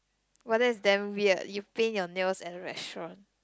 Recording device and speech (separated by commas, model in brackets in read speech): close-talking microphone, conversation in the same room